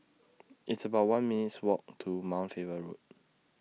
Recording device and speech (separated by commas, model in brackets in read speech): mobile phone (iPhone 6), read sentence